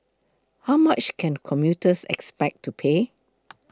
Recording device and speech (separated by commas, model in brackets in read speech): close-talking microphone (WH20), read sentence